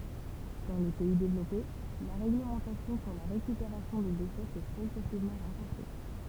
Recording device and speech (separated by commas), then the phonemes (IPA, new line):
temple vibration pickup, read sentence
dɑ̃ le pɛi devlɔpe la ʁeɡləmɑ̃tasjɔ̃ syʁ la ʁekypeʁasjɔ̃ de deʃɛ sɛ pʁɔɡʁɛsivmɑ̃ ʁɑ̃fɔʁse